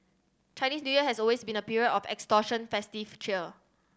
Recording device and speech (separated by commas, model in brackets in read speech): standing microphone (AKG C214), read sentence